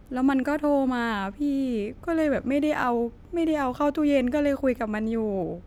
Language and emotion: Thai, sad